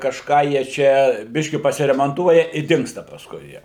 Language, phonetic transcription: Lithuanian, kažˈką jie ˈčia ˈbiški pasiremanˈtuoja i ˈdingsta pasˈkui ˈjie

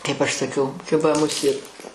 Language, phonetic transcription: Lithuanian, kaip ˈaš saˈkiau ˈkiba muˈsėt

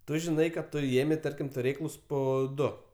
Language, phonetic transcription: Lithuanian, ˈtu žiˈnai kad ˈtu ˈėmei ˈtarkim tuˈrėklus ˈpo ˈdu

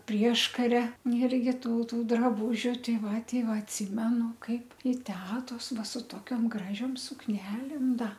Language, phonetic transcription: Lithuanian, ˈprieškaria irˈgi ˈtų ˈtų draˈbūžiu ˈtei ˈva ˈtei ˈva atˈsimenu ˈkaip i ˈtetos ˈva su ˈtokiom ˈgražiom sukˈnelėm ˈda

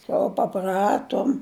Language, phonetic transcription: Lithuanian, kol paˈpratom

